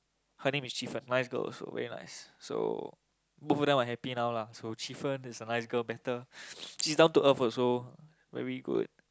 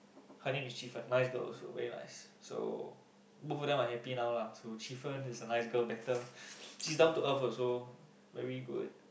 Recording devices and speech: close-talking microphone, boundary microphone, conversation in the same room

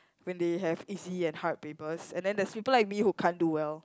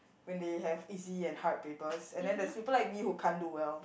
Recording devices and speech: close-talking microphone, boundary microphone, conversation in the same room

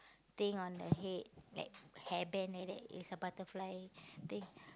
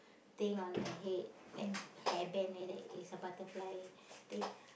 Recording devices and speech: close-talking microphone, boundary microphone, conversation in the same room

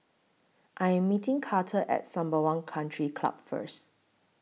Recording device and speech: mobile phone (iPhone 6), read sentence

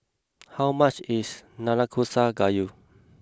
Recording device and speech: close-talking microphone (WH20), read sentence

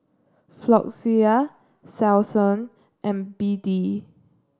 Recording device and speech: standing microphone (AKG C214), read sentence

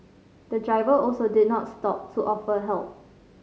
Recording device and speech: mobile phone (Samsung C5010), read sentence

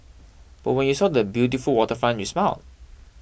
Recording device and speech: boundary microphone (BM630), read sentence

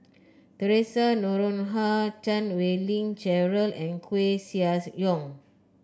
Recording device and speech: close-talking microphone (WH30), read sentence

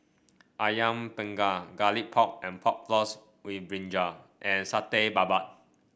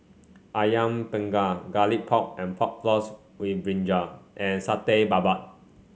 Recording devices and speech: boundary microphone (BM630), mobile phone (Samsung C5), read sentence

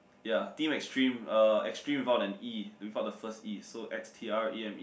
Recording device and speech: boundary microphone, conversation in the same room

